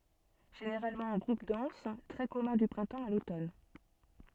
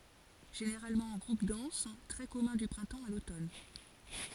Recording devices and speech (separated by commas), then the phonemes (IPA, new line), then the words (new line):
soft in-ear microphone, forehead accelerometer, read sentence
ʒeneʁalmɑ̃ ɑ̃ ɡʁup dɑ̃s tʁɛ kɔmœ̃ dy pʁɛ̃tɑ̃ a lotɔn
Généralement en groupes denses, très commun du printemps à l'automne.